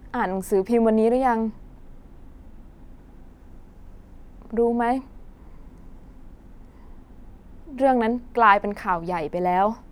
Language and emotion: Thai, sad